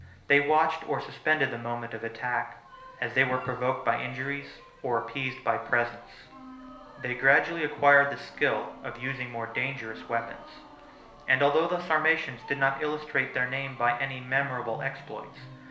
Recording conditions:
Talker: one person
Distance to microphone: 1.0 m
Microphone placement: close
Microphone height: 1.1 m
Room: small (3.7 m by 2.7 m)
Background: music

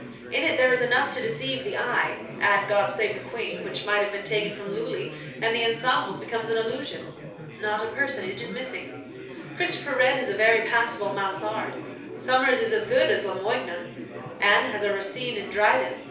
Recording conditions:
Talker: one person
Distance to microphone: 3.0 m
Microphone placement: far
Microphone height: 1.8 m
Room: small (3.7 m by 2.7 m)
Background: babble

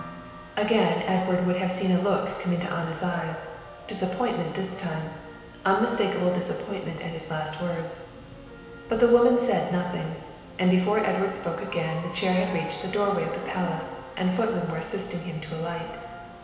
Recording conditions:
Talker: one person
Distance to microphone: 1.7 m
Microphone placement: close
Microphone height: 1.0 m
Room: very reverberant, large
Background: music

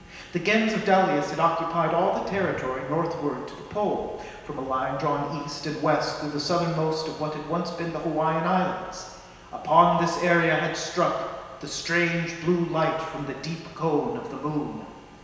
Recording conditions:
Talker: one person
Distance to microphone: 1.7 m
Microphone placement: close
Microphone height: 1.0 m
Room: very reverberant, large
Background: none

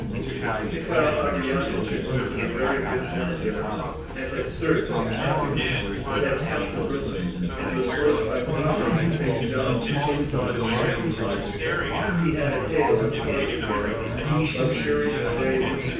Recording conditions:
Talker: one person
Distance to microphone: 9.8 m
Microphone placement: far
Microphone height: 1.8 m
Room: large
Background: babble

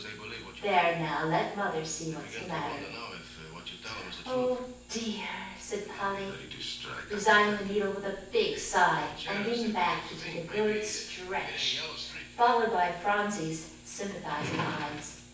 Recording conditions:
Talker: one person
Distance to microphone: 9.8 m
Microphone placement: far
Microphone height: 1.8 m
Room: large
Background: television

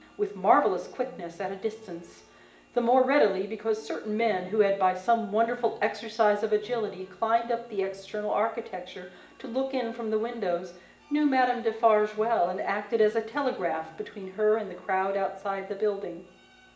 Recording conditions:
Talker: one person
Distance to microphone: 1.8 m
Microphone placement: close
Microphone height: 1.0 m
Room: large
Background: music

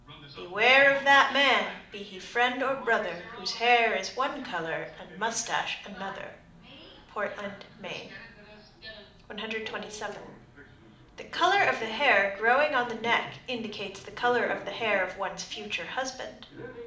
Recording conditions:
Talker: one person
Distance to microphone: 2.0 m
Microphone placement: close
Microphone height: 99 cm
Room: medium-sized (5.7 m by 4.0 m)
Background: television

